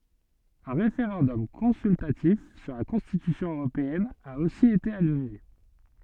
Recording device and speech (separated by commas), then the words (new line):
soft in-ear microphone, read sentence
Un référendum consultatif sur la Constitution européenne a aussi été annulé.